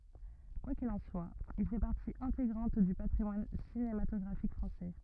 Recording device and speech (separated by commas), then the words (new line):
rigid in-ear microphone, read sentence
Quoi qu'il en soit, il fait partie intégrante du patrimoine cinématographique français.